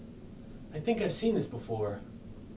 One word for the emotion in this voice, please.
neutral